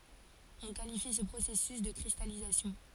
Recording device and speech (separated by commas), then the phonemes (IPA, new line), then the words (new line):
forehead accelerometer, read sentence
ɔ̃ kalifi sə pʁosɛsys də kʁistalizasjɔ̃
On qualifie ce processus de cristallisation.